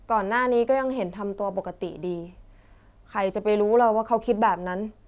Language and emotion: Thai, frustrated